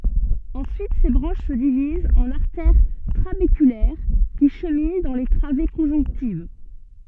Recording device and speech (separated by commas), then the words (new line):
soft in-ear microphone, read sentence
Ensuite ces branches se divisent en artères trabéculaires qui cheminent dans les travées conjonctives.